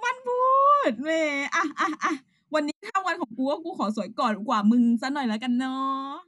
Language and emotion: Thai, happy